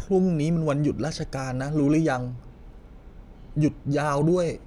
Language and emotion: Thai, sad